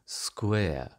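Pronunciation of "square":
'Square' is said in older RP style, with a diphthong that is a bit more closed.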